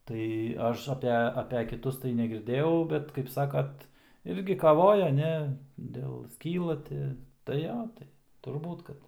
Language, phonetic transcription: Lithuanian, tai ˈaš aˈpe ape kiˈtus tai negirˈdėjau ˈbet kaip ˈsakat ˈirgi kaˈvoja ˈne ˈdėl ˈskyla ˈti tai ˈjo ˈtai turˈbūt ˈkad

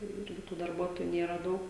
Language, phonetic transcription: Lithuanian, tai jau ˈirgi tų darˈbuotoju ˈnėra ˈdaug

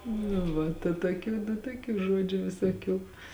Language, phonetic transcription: Lithuanian, nu ˈva ta toˈkių nu toˈkių ˈžuodžiu visoˈkių

